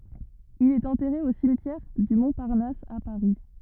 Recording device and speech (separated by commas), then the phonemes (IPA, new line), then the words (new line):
rigid in-ear microphone, read sentence
il ɛt ɑ̃tɛʁe o simtjɛʁ dy mɔ̃paʁnas a paʁi
Il est enterré au cimetière du Montparnasse à Paris.